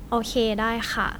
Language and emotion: Thai, neutral